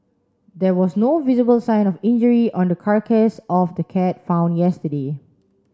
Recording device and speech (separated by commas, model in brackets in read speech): standing microphone (AKG C214), read sentence